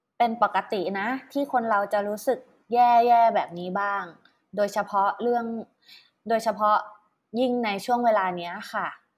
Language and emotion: Thai, neutral